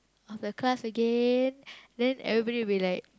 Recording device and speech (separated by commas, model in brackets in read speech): close-talking microphone, conversation in the same room